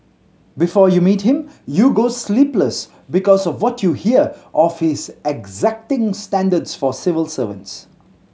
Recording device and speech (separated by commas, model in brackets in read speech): mobile phone (Samsung C7100), read sentence